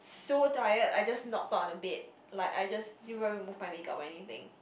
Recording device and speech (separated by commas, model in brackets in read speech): boundary microphone, conversation in the same room